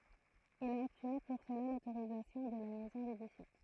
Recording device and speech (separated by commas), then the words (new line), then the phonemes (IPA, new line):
throat microphone, read sentence
Il a obtenu pour cela l'autorisation de la maison d'édition.
il a ɔbtny puʁ səla lotoʁizatjɔ̃ də la mɛzɔ̃ dedisjɔ̃